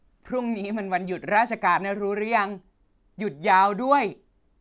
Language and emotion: Thai, happy